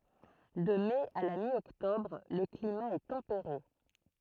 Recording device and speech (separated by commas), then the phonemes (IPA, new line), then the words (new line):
throat microphone, read sentence
də mɛ a la mjɔktɔbʁ lə klima ɛ tɑ̃peʁe
De mai à la mi-octobre, le climat est tempéré.